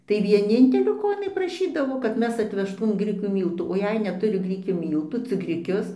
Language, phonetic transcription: Lithuanian, tai vieˈnintelio ˈko iˈnai praˈšydavo kad ˈmes atvežˈtūm ˈgrikių ˈmyltų o ˈjei netuˈri ˈgrikių ˈmyltų cik griˈkius

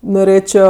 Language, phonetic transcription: Lithuanian, noˈrėčio

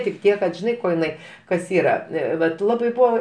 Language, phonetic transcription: Lithuanian, tik ˈtiek kad žiˈnai ˈko jiˈnai ˈkas ˈyra ˈvat ˈlabai ˈbūa

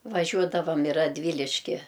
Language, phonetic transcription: Lithuanian, vaˈžiuodavam i radˈvyliški

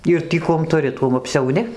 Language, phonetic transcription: Lithuanian, ˈir tį ˈkuom tuˈri ˈtuom apsiauˈni

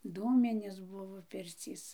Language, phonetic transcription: Lithuanian, ˈdūminės ˈbuvo ˈpircys

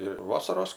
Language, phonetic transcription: Lithuanian, i ˈvasaros

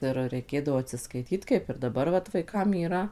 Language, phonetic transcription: Lithuanian, ˈir reiˈkėdavo atsiskaiˈtyt kaip ir daˈbar vat vaiˈkam yˈra

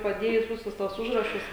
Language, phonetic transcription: Lithuanian, paˈdėjus ˈvisus ˈtuos ˈužrašus

